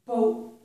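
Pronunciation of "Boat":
The t at the end of 'boat' is not released: no strong burst of air comes out at the end, as it would with a regular t.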